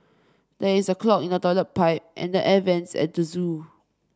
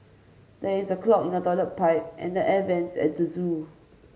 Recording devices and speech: standing microphone (AKG C214), mobile phone (Samsung C5), read sentence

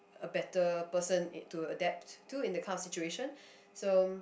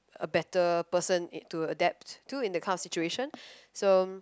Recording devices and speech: boundary microphone, close-talking microphone, conversation in the same room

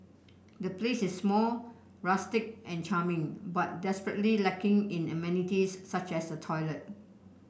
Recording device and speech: boundary microphone (BM630), read sentence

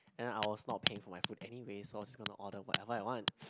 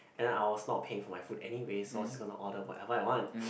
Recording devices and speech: close-talking microphone, boundary microphone, conversation in the same room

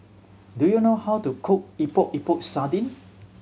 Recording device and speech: mobile phone (Samsung C7100), read sentence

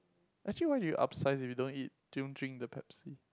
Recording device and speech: close-talking microphone, conversation in the same room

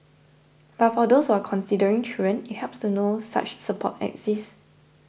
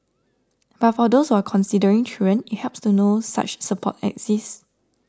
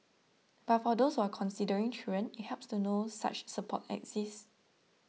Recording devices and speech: boundary microphone (BM630), standing microphone (AKG C214), mobile phone (iPhone 6), read sentence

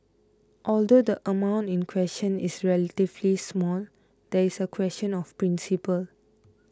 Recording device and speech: close-talking microphone (WH20), read sentence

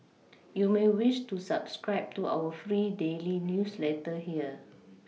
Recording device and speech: mobile phone (iPhone 6), read sentence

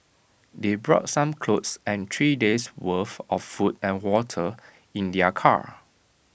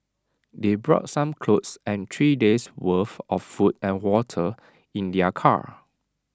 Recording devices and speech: boundary microphone (BM630), standing microphone (AKG C214), read sentence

